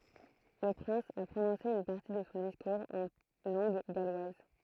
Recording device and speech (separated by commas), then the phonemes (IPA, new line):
throat microphone, read sentence
lə pʁɛ̃s a pʁonɔ̃se yn paʁti də sɔ̃ diskuʁz ɑ̃ lɑ̃ɡ ɡalwaz